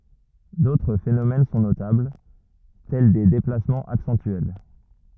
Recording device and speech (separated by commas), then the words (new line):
rigid in-ear microphone, read sentence
D'autres phénomènes sont notables, tels des déplacements accentuels.